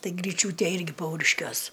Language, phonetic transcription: Lithuanian, ˈtai gryˈčiūtė ˈirgi ˈpauriškiuos

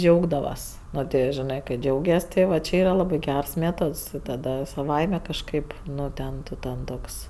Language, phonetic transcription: Lithuanian, ˈdžiaugdavas ˈno ti jo žiˈnɜ kai ˈdžiaugias ti ˈva či ˈyra ˈlabɜ ˈgeras ˈmėtods taˈda saˈvaime kažˈkaip ˈnu ˈten ˈtu ten ˈtoks

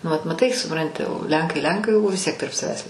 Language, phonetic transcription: Lithuanian, nu vat maˈtai suˈpranti o ˈlenkai ˈlenkai o vis ˈtiek tarp saˈvęs

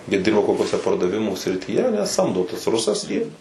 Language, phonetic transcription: Lithuanian, jie ˈdirba kokiuoˈse pardaˈvimų srityˈje aˈne ˈsamdo tas ˈrusas ˈjį

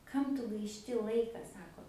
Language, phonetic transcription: Lithuanian, ˈkam tu gaišˈti ˈlaika ˈsako

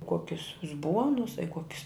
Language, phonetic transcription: Lithuanian, ˈkuokius uzˈbuonus a i ˈkuokis

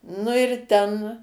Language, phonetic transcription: Lithuanian, nu ir ˈten

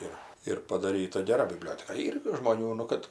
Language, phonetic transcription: Lithuanian, ˈir ir padaˈryta geˈra biˈblioteka ˈyr gi žmoˈnių nu ˈkad

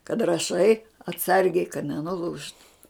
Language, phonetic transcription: Lithuanian, kad raˈšai atˈsargiai kad nenuˈlūžtu

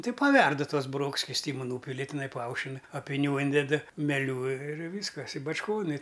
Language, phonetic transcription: Lithuanian, ˈtai paˈverdu ˈtuos buˈroks skisˈtymu ˈnūpili tiˈnai paˈaušin apiˈnių ˈynded meˈlių ir ˈvyskas i bačˈkon i

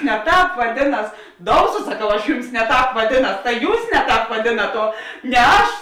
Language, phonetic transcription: Lithuanian, ne ˈtāp vaˈdėˌnas ˈdouso saˈkau aš ˈjums ne ˈtāp vaˈdėˌnas ta ˈjūs ˈne ˌtāp vaˈdėnat o ne ˈaš

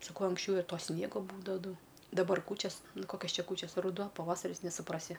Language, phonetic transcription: Lithuanian, saˈkau anksˈčiau ir ˈto ˈsniego ˈbūdava ˈdau daˈbar ˈkūčias ˈnu ˈkokias ˈčia ˈkūčias ruˈduo paˈvasaris nesuˈprasi

